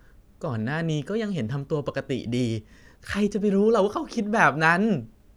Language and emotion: Thai, frustrated